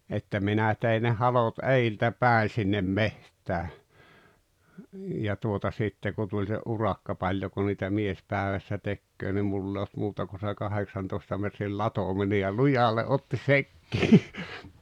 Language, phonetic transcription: Finnish, että 'minä tei ne 'halot "’eiltä "pä̀i sinnem 'meht̀ää , ja tuota 'sitte ku tuĺ se '’urakka 'paĺjoko niitä "mies 'pääᵉvässä 'tekköö ni 'mull ‿e olt 'muuta ku se 'kaheksantoᵉsta metril "latomine ja "lujalle '’otti "sekkii « .
- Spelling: että minä tein ne halot edeltä päin sinne metsään ja tuota sitten kun tuli se urakka paljonko niitä mies päivässä tekee niin minulla ei ollut muuta kuin se kahdeksantoista metrin latominen ja lujalle otti sekin

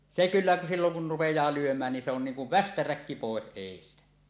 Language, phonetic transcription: Finnish, se 'kyllä , silloŋ kun̳ 'rupej̀aa lyöm̀ään nin se ‿on 'niiŋ kuv "västäräkki 'pòes 'èistä .
- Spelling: se kyllä silloin kun rupeaa lyömään niin se on niin kuin västäräkki pois edestä

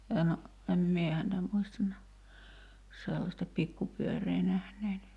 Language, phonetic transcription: Finnish, en , em "mie häntä 'muistan näh- , 'sellasta "pikkupyöree nähnein .
- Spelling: en en minä häntä muista - sellaista pikkupyörää nähneeni

